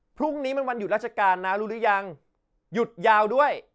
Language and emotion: Thai, angry